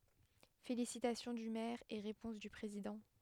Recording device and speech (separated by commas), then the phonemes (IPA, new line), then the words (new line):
headset microphone, read sentence
felisitasjɔ̃ dy mɛʁ e ʁepɔ̃s dy pʁezidɑ̃
Félicitations du maire et réponse du président.